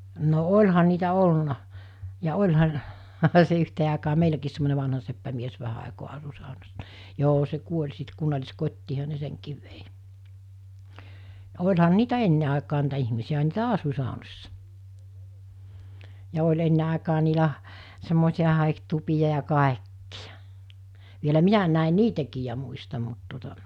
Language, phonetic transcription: Finnish, no 'oĺha niitä 'olluna , ja 'oĺha , se 'yhtee àekaa 'meiläkiis semmone vanha seppämies vähä àekoo asu sàunassᴀ (ni) , 'joo se 'kuoĺ sit 'kunnaĺis'kot́tiiha ne 'seŋkiiv vei , ja oĺhan 'niitä "enne àikaa niitä ihmisi₍ä niitä "asu 'sàonossa , ja oĺ enne àekaa niilä , semmòisia 'hàiktupia ja "kàekkija , vielä "minä näin̆ "niitäkii ja muistam̆ mut tuota ,.
- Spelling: no olihan niitä ollut ja olihan se yhteen aikaan meilläkin semmoinen vanha seppämies vähän aikaa asui saunassa niin joo se kuoli sitten kunnalliskotiinhan ne senkin vei ja olihan niitä ennen aikaan niitä ihmisiä niitä asui saunassa ja oli ennen aikaan niillä semmoisia haikutupia ja kaikkia vielä minä näin niitäkin ja muistan mutta tuota

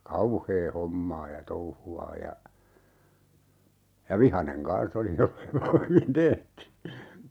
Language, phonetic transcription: Finnish, "kauhee 'hommaa ja 'touhu₍aa ja , ja "vihaneŋ 'kans ‿oli (jolsei vaa) hyvin 'tehty .
- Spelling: kauhea hommaamaan ja touhuamaan ja ja vihainen kanssa oli jos ei vain hyvin tehty

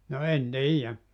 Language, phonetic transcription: Finnish, no 'en 'tiijä .
- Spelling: no en tiedä

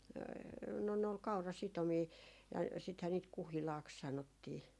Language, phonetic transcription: Finnish, no ne ol 'kaurasitomii ja sithää niit "kuhilaaks 'sanottii .
- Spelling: no ne oli kaurasitomia ja sittenhän niitä kuhilaaksi sanottiin

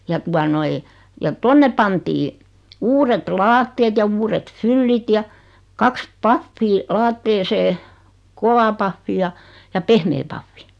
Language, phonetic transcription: Finnish, ja 'tua noi , ja 'tonne pantii , 'uuret "laatteet ja '(v̳)uuret "fyllit ja , 'kaks "paffii , 'laatteesee , 'kova paffii ja , ja 'pehmee paffi .
- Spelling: ja tuota noin ja tuonne pantiin uudet lattiat ja uudet fyllit ja kaksi pahvia lattiaan kova pahvi ja ja pehmeä pahvi

